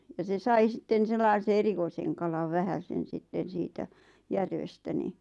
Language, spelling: Finnish, ja se sai sitten sellaisen erikoisen kalan vähäisen sitten siitä järvestä niin
- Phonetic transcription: ja se 'sai sitten sellaise 'erikoiseŋ kalav 'vähäsen̬ 'sitten̬ siitä , 'järvestä ni ,.

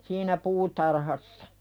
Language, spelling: Finnish, siinä puutarhassa
- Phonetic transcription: siinä "puutarhassᴀ .

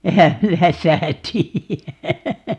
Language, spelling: Finnish, enhän minä sitä tiedä
- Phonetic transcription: 'ehäm "mi(n)ä 'sitä 'tii₍ä .

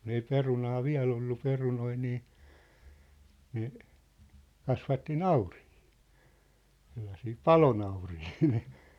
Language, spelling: Finnish, kun ei perunaa vielä ollut perunoita niin ne kasvatti nauriita sellaisia palonauriita
- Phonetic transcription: kun ‿ei 'perunaa "viä̭l ‿ollu 'perunoi nii , ne , 'kasvatti "naurihɪɪ , sellasii "palonaurihii .

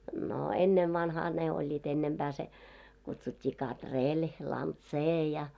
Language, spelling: Finnish, no ennen vanhaan ne olivat ennempää se kutsuttiin katrilli lantsee ja
- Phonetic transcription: no 'ennev'vanhaa ne oĺĺiit ‿ennemʙää se , kutsut́t́ii 'kat"reĺ , 'lan"tsee ja .

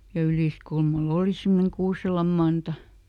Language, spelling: Finnish, ja Yliskulmalla oli semmoinen Kuuselan Manta
- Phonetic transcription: ja ˈYlìskulma"l ‿ooli semmoneŋ ˈKuuselam ˈManta .

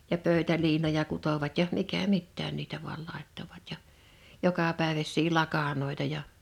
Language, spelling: Finnish, ja pöytäliinoja kutoivat ja mikä mitäkin niitä vain laittoivat ja jokapäiväisiä lakanoita ja
- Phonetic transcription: ja 'pö̀ö̭täliinoja 'kutovat ja 'mikä "mittään niitä vual làḙttovat ja , 'jokapä̀eväs̆sii 'lakanòi̬ta ja ,.

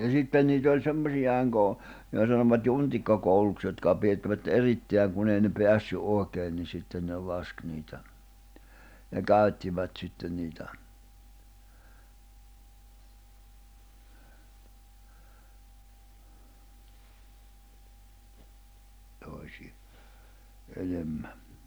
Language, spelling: Finnish, ja sitten niitä oli semmoisia - jota sanovat juntikkakouluksi jotka oli pidettävät erittäin kun ei ne päässyt oikein niin sitten ne laski niitä ne käyttivät sitten niitä toisia enemmän
- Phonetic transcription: ja 'sitten niit ‿oĺ 'semmosi₍ài̬ŋ go- , jota sanovat 'juntikkakouluks jotka (oĺ 'piʲettävät) 'eritteäŋ kun ‿ei ne 'peässy '’òi̬keen ni sitten ne 'lask niitä , ne "kä̀y̬ttivät sitten niitä , toisi₍a , 'enemmä .

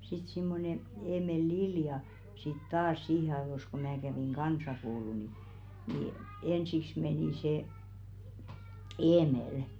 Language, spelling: Finnish, sitten semmoinen Eemeli Lilja sitten taas siihen ajoissa kun minä kävin kansakoulua niin niin ensiksi meni se Eemeli
- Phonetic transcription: sit 'simmone 'Eemel "Lilja sit 'taas 'siihe aĕvos ko mää kävèŋ "kansakoulu ni , nì , 'ensiks menì se , "Eemelᵊ .

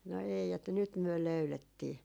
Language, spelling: Finnish, no ei että nyt me löydettiin
- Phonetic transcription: no 'ei että » 'nyt myö "löylettii .

